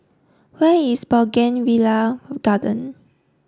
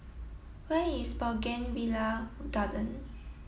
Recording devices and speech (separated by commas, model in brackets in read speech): standing microphone (AKG C214), mobile phone (iPhone 7), read sentence